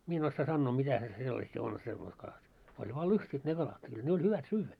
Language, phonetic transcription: Finnish, 'mie en ossaa 'sannoo 'mitä se 'sellasi on 'semmois kalat , oĺ vaa 'lust́it ne 'kalat , 'kyl ne oĺ 'hyvät "syyvvä .
- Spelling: minä en osaa sanoa mitä se sellaisia on semmoista kalat oli vain lystit ne kalat kyllä ne oli hyvät syödä

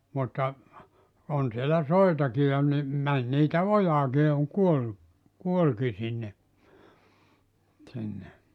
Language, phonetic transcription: Finnish, mutta , 'on sielä "soitaki ja ni , 'män niitä "ojaaki ja oŋ 'kuollu , 'kuolki sinne , 'sinne .
- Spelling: mutta on siellä soitakin ja niin meni niitä ojaankin ja on kuollut kuolikin sinne sinne

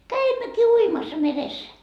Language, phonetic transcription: Finnish, "käimmäki 'uimassa 'meressä .
- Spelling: kävimmekin uimassa meressä

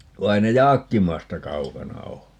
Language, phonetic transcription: Finnish, va 'ei ne "Jaakkimasta "kaukana 'oo .
- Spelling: vaan ei ne Jaakkimasta kaukana ole

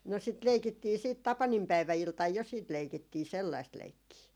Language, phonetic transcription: Finnish, no sit 'leikittii siit "tapanimpäivä₍iltaj jo siit "leikittii 'sellaist 'leikkii .
- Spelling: no sitä leikittiin sitten tapaninpäiväiltana jo sitten leikittiin sellaista leikkiä

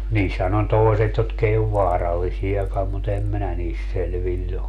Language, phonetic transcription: Finnish, 'niishän ‿on 'toeset jotk ‿ei ov "vaarallisi₍akam mu't ‿em 'minä niist 'selviĺĺ ‿o .
- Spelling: niissähän on toiset jotka ei ole vaarallisiakaan mutta en minä niistä selvillä ole

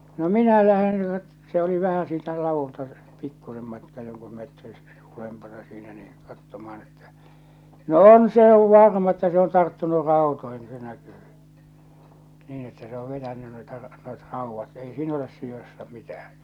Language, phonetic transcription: Finnish, no "minä lähen (nyt) , se oli 'vähä siitä "lavulta , "pikkusem matkaa 'joŋku 'metri , 'ulempana siinä nii , 'kattoma₍an ettᴀ̈ , no "on se ov "varma että se on 'tarttunu "rào̭toihin ᵏᵘ se näkyy , niin että se ‿o 'vetänny noita , noit "ràuvvat ei 'siin ‿oles sii (asia)ssa 'mitäh̬ᴀ̈ .
- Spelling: no minä lähden nyt se oli vähän siitä ladulta pikkuisen matkaa jonkun metrin ylempänä siinä niin katsomaan että no on se on varma että se on tarttunut rautoihin ja se näkyy niin että se on vetänyt noita noita raudat ei siinä ole siinä asiassa mitään

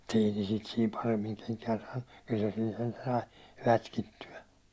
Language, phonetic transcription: Finnish, mut't ‿ei ne sit siim 'paremmiŋ keŋkään saannu , kyl se siin sentä sai , 'rätkitty₍ä .
- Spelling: mutta ei ne sitä siinä paremmin kenkään saanut kyllä se siinä sentään sai rätkittyä

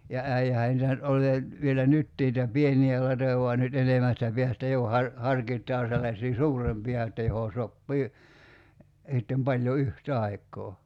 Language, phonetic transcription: Finnish, ja 'äijähä nitä nyt (oĺ ei) , vielä 'nyttii [ni]itä "pieni₍ä latoja vua 'nyt 'enemästä piästä jo har- , 'harkit̆taa sellaśii "suurempi₍a että joho 'soppii , sittem 'paĺjo 'yh"t ‿aik̆koo .
- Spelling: ja äijähän niitä nyt oli ei vielä nytkin niitä pieniä latoja vaan nyt enemmästä päästä jo - harkitaan sellaisia suurempia että johon sopii sitten paljon yhtä aikaa

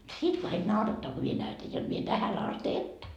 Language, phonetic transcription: Finnish, 'sit kaik 'naurattaa ko mie näytäj jot mie 'tähän ast 'että ,.
- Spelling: sitten kaikki naurattaa kun minä näytän jotta minä tähän asti että

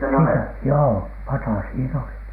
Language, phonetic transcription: Finnish, sisä- , joo "pata siin ‿oli , "sisä̀lä .
- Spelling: - joo pata siinä oli sisällä

